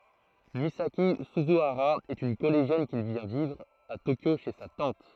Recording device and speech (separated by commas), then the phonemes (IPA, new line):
throat microphone, read sentence
mizaki syzyaʁa ɛt yn kɔleʒjɛn ki vjɛ̃ vivʁ a tokjo ʃe sa tɑ̃t